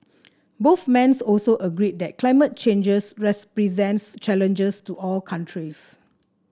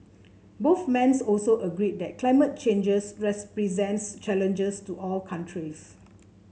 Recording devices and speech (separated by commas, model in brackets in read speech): standing microphone (AKG C214), mobile phone (Samsung C7), read sentence